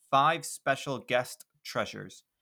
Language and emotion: English, neutral